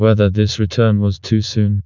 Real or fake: fake